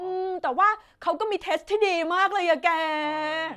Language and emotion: Thai, happy